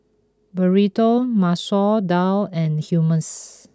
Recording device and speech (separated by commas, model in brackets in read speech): close-talking microphone (WH20), read sentence